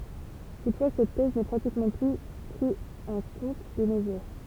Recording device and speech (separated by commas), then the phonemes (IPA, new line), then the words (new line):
temple vibration pickup, read sentence
tutfwa sɛt tɛz nɛ pʁatikmɑ̃ ply pʁi ɑ̃ kɔ̃t də no ʒuʁ
Toutefois cette thèse n'est pratiquement plus pris en compte de nos jours.